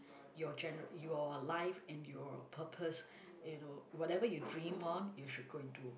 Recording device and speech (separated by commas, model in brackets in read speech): boundary microphone, conversation in the same room